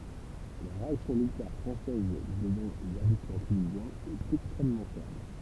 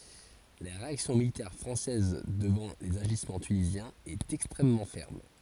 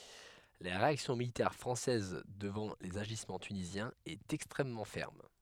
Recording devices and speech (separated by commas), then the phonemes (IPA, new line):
temple vibration pickup, forehead accelerometer, headset microphone, read sentence
la ʁeaksjɔ̃ militɛʁ fʁɑ̃sɛz dəvɑ̃ lez aʒismɑ̃ tynizjɛ̃z ɛt ɛkstʁɛmmɑ̃ fɛʁm